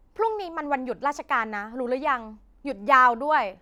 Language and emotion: Thai, frustrated